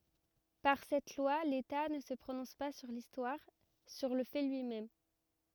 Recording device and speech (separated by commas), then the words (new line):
rigid in-ear microphone, read sentence
Par cette loi, l’État ne se prononce pas sur l’histoire, sur le fait lui-même.